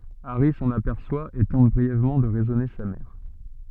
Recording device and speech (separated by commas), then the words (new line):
soft in-ear microphone, read sentence
Harry s'en aperçoit et tente brièvement de raisonner sa mère.